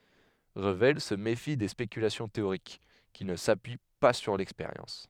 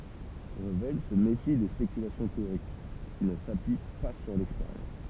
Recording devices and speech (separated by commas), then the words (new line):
headset microphone, temple vibration pickup, read sentence
Revel se méfie des spéculations théoriques qui ne s'appuient pas sur l'expérience.